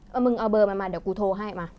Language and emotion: Thai, frustrated